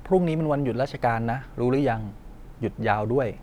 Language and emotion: Thai, neutral